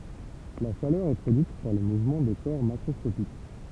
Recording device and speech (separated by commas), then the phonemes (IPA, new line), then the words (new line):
temple vibration pickup, read sentence
la ʃalœʁ ɛ pʁodyit paʁ lə muvmɑ̃ de kɔʁ makʁɔskopik
La chaleur est produite par le mouvement des corps macroscopiques.